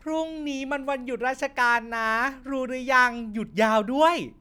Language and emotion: Thai, happy